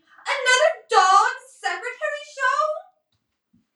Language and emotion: English, sad